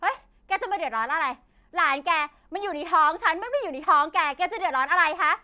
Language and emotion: Thai, angry